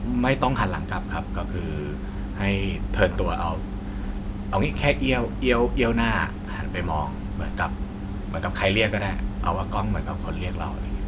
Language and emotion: Thai, neutral